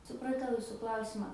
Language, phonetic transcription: Lithuanian, supraˈtau ˈjusu ˈklausimą

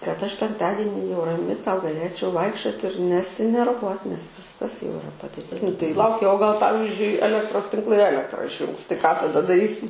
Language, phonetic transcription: Lithuanian, kad ˈaš penkˈtadini jau raˈmi ˈsau gaˈlėčiau ˈvaikščiot ir nesinerˈvuot nes ˈviskas jau iˈra padaˈry nu tai ˈlaukia o gal ˈpavizdžiui eˈlektros tinkˈlai ˈelektra išˈjūngs tai ką taˈda daˈrysi

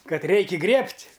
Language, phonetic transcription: Lithuanian, ˈkad ˈreiki ˈgriebt'

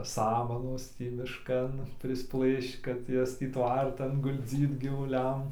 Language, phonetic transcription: Lithuanian, ˈsamanos ˈtį mišˈkan prisˈplɘšč kad ˈjas tį ˈtvartan gulˈdzyt gyvuˈliam

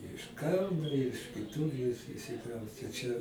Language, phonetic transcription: Lithuanian, iš ˈkauno iš kiˈtur i išsiˈkrauste čia

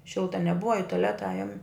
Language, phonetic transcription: Lithuanian, ˈšilta neˈbuva i tuˈleta ˈajum

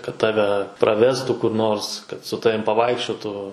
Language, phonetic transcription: Lithuanian, kad ˈtave ˈpravestu kur ˈnors kad su ˈtavim paˈvaikščiotų

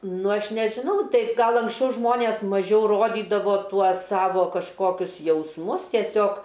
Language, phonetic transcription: Lithuanian, ˈnu ˈaš nežiˈnau ˈtai ˈgal anksˈčiau ˈžmonės maˈžiau roˈdydavo ˈtuos ˈsavo kažˈkokius jausˈmus tieˈsiog

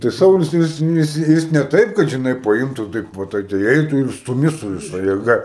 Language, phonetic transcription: Lithuanian, tai ˈsaulius tai ˈjis ˈjis ˈjis ne ˈtaip kad žiˈnai paˈimtų ˈtaip va ˈtai tai ˈeitų ir stuˈmi su viˈsa jėˈga

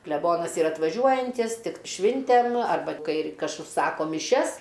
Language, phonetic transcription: Lithuanian, kleˈbonas ˈyra atvaˈžiuojantys ˈtik ˈšvintem arˈba ˈkai ir ˈkas užˈsako miˈšias

